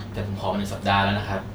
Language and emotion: Thai, frustrated